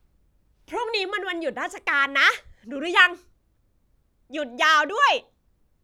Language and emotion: Thai, happy